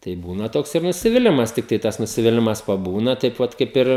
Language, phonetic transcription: Lithuanian, tai ˈbūna ˈtoks ir nusiviˈlimas ˈtiktai tas nusiviˈlimas paˈbūna taip ˈvat kaip ˈir

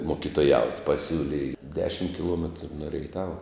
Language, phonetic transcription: Lithuanian, mokitoˈjaut' paˈsiūlij ˈdešim kiˈluometru nu reiˈtava

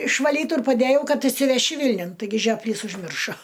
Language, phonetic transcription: Lithuanian, išvaˈlytu ir paˈdejau ˈkad išsiveˈši ˈvilniun taiˈgi žiopˈlys užˈmiršo

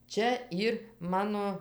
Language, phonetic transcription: Lithuanian, ˈčia ˈyr ˈmano

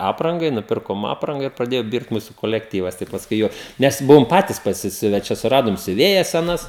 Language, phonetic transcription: Lithuanian, ˈaprangai nuˈpirkom ˈapranga ir praˈdėjo ˈbirt ˈmūsu kolekˈtyvas tai pasˈkui ˈjuok ˈnes ˈbuvom ˈpatis pasiˈsiuve ˈčia suˈradom siuˈvėjas seˈnas

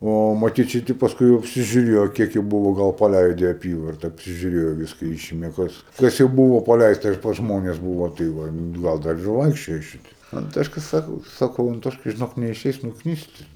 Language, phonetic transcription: Lithuanian, ˈo maˈtyt šiˈti pasˈkui jau apsižiuˈrėjo ˈkiek jie ˈbuvo ˈgal paˈleide i aˈpyvarta apsižiuˈrėjo ˈviska ˈišimė ˈkas ˈkas jau ˈbūvo paˈleista ir pas ˈžmones ˈbūvo tai ˈva nu ˈgal dar ir ˈvaikščioja ˈšiti anˈtoška ˈsako saˈkau anˈtoškai žiˈnok neiˈšeis nukˈnyst

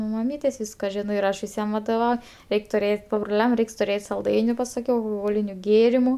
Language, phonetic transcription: Lithuanian, nu maˈmytės' ˈvyska ˈžino ir ˈaš viˈsiem vadoˈvau ˈreik' tuˈrėt' pabruˈliam ˈreiks tuˈrėt' salˈdainiu pasaˈkiau alchoˈholiniu ˈgėrimu

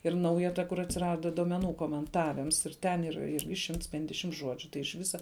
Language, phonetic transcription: Lithuanian, ir ˈnauja ˈta kur atsiˈrada duomeˈnų komenˈtavims ir ˈten ˈyr ˈirgi ˈšimts ˈpendešimt ˈžuodžiu tai iš ˈvisa

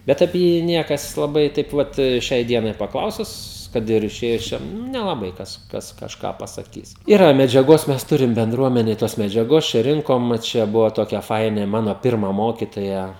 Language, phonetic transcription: Lithuanian, ˈbet apie ˈjį ˈniekas laˈbai taip ˈvat ˈšiai ˈdienai paˈklausus ˈkad ir iˈšėjus ˈčia nu nelaˈbai ˈkas ˈkas kažˈką pasaˈkys ˈyra medžiaˈgos ˈmes ˈturim benˈdruomenėj tos medžiaˈgos čia ˈrinkom ˈčia ˈbuvo ˈtokia ˈfainė ˈmano ˈpirma ˈmokitoja

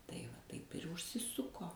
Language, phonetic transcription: Lithuanian, tai va ˈtaip ir užsiˈsuko

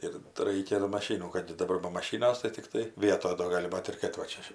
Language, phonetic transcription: Lithuanian, ˈir tai ˈraikia do maˈšynų kad daˈbar ba maˈšynas tai tikˈtai ˈvietoj do ˈgali ˈbat ir kad va ˈčia

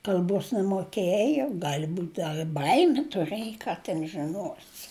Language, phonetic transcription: Lithuanian, kal'ˈbos nemoˈkėjo ˈgali ˈbūt ˈdar i ˈbaimi tuˈrɘjo ˈką ten žiˈnosi

